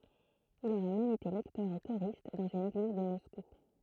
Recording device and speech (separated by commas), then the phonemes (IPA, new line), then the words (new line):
throat microphone, read sentence
il oʁɛ mɛm ete lɛktœʁ e koʁist dɑ̃z yn eɡliz də mɔsku
Il aurait même été lecteur et choriste dans une église de Moscou.